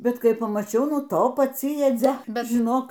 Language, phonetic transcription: Lithuanian, ˈbet ˈkai pamaˈčiau ˈnu ˈto paˈci jaˈdzia ˈbet žiˈnok

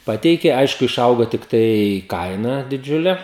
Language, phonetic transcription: Lithuanian, ˈpateikė ˈaišku iˈšaugo tikˈtai ˈkaina diˈdžiule

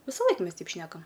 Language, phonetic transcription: Lithuanian, visaˈlaik ˈmes ˈteip ˈšnekam

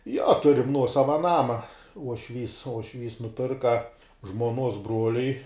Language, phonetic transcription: Lithuanian, jo ˈturim ˈnuosava ˈnama uošˈvys uošˈvys nuˈpirka žmuoˈnuos ˈbruoliui

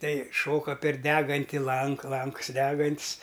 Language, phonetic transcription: Lithuanian, ˈtai ˈšoka per ˈdeganti ˈlank ˈlanks ˈdegant's'

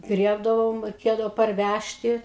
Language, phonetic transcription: Lithuanian, ˈgriebdavom reiˈkėdavo parˈvæžti

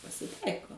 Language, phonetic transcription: Lithuanian, pasiˈtaiko

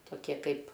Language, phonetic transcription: Lithuanian, toˈkie ˈkaip

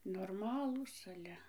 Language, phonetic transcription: Lithuanian, norˈmalūs aˈle

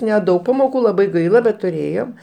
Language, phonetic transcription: Lithuanian, neˈdaug pamoˈkų laˈbai ˈgaila bet tuˈrėjom

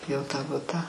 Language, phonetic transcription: Lithuanian, ˈjau ˈtą ˈbutą

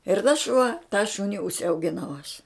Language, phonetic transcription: Lithuanian, ir tas šuo tą ˈšuni užsiaugiˈnau aš

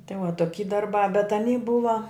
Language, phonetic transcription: Lithuanian, ti va toˈky darˈbā bet aˈny ˈbuva

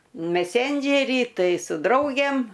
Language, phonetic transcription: Lithuanian, meˈsendžerį ˈtai su ˈdraugėm

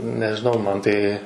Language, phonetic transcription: Lithuanian, nežiˈnau ˈman ˈtai

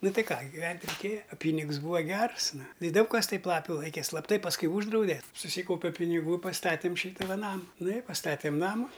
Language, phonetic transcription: Lithuanian, ˈnu ˈtai ˈką giˈvent' reiˈkėja a ˈpynigs ˈbūva ˈgers ˈnu i ˈdaug kas ˈtaip ˈlapiu ˈlaike ˈslapˈtai pasˈkui ˈūždraude suˈsykaupe piniˈgų i pasˈtatėm ˈšyta va ˈnama ˈnu i pasˈtatėm ˈnamu

